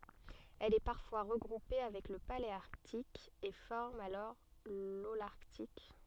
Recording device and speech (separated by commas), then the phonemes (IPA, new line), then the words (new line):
soft in-ear microphone, read sentence
ɛl ɛ paʁfwa ʁəɡʁupe avɛk lə paleaʁtik e fɔʁm alɔʁ lolaʁtik
Elle est parfois regroupée avec le paléarctique et forme alors l'holarctique.